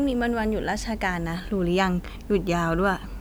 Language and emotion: Thai, neutral